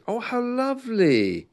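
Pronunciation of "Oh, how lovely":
'Oh, how lovely' is said in a tone that sounds a little bit insincere.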